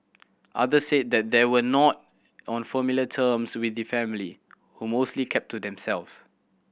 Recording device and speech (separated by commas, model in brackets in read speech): boundary microphone (BM630), read sentence